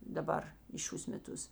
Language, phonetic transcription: Lithuanian, daˈbar į ˈšiūs meˈtus

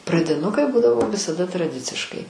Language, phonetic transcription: Lithuanian, pradiˈnukai ˈbūdavo visaˈda traˈdiciškai

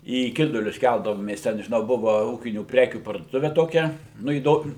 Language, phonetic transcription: Lithuanian, į ˈkidulius ˈkældavomės ˈten žiˈnau ˈbuva ˈūkinių ˈprekių parduoˈtuve toˈkia ˈnu įˈdom

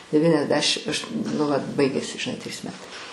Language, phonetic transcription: Lithuanian, devyniasˈdešim aš nu vat ˈbaigėsi žiˈnai trys ˈmetai

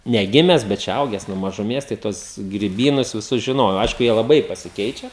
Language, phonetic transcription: Lithuanian, neˈgimes bet čia ˈauges nuo mažuˈmės tai ˈtuos griˈbynus viˈsus žiˈnojau ˈaišku ˈjie laˈbai pasiˈkeičia

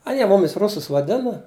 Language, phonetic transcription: Lithuanian, aˈnie ˈmumis ˈrusus vaˈdina

